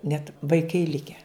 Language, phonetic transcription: Lithuanian, net vaiˈkai ˈlikę

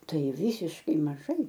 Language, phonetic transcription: Lithuanian, ˈtai ˈvysiškai maˈžai

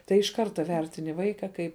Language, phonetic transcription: Lithuanian, tai iš ˈkarta ˈvertini ˈvaika ˈkaip

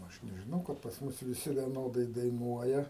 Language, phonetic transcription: Lithuanian, ˈaš nežiˈnau kad pas ˈmus viˈsi vieˈnodai daiˈnuoja

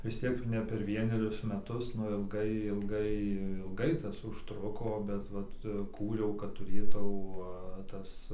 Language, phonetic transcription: Lithuanian, vis ˈtiek jau ne per ˈvienerius ˈmetus ˈnu ilˈgai ilˈgai ilˈgai ˈtas užˈtruko bet ˈvat ˈkūriau kad tuˈrėtau ˈtas

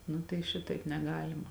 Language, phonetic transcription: Lithuanian, ˈnu tai ˈšitaip neˈgalima

